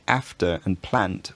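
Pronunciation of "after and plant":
'After' and 'plant' are both said with a short a.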